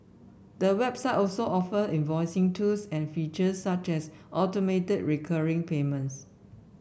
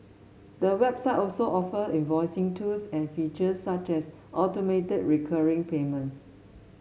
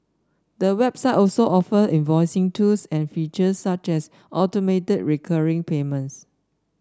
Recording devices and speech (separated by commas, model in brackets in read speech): boundary microphone (BM630), mobile phone (Samsung S8), standing microphone (AKG C214), read sentence